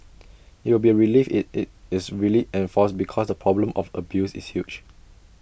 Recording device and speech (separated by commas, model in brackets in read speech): boundary microphone (BM630), read sentence